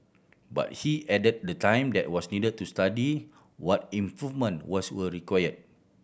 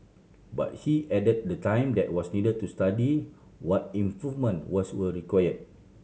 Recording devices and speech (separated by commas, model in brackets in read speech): boundary microphone (BM630), mobile phone (Samsung C7100), read sentence